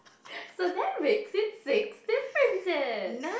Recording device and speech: boundary microphone, conversation in the same room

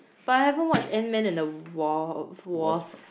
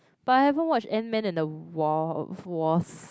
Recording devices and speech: boundary microphone, close-talking microphone, conversation in the same room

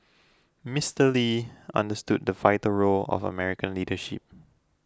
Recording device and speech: close-talking microphone (WH20), read sentence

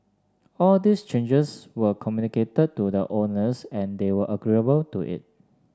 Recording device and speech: standing microphone (AKG C214), read sentence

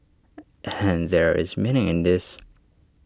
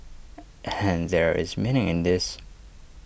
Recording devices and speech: standing microphone (AKG C214), boundary microphone (BM630), read sentence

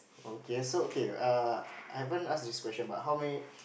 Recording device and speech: boundary microphone, conversation in the same room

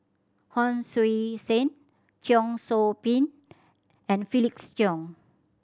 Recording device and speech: standing microphone (AKG C214), read sentence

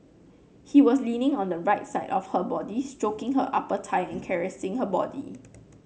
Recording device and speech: mobile phone (Samsung C9), read sentence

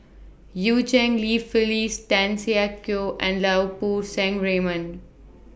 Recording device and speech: boundary microphone (BM630), read sentence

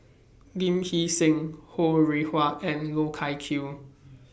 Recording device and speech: boundary microphone (BM630), read sentence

